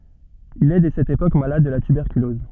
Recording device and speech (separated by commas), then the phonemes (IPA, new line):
soft in-ear microphone, read sentence
il ɛ dɛ sɛt epok malad də la tybɛʁkylɔz